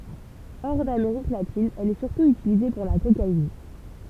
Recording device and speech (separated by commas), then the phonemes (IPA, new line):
temple vibration pickup, read sentence
ɔʁ dameʁik latin ɛl ɛ syʁtu ytilize puʁ la kokain